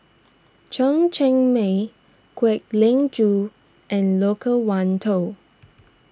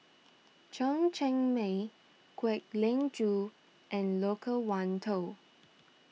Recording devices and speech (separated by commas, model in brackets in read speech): standing microphone (AKG C214), mobile phone (iPhone 6), read sentence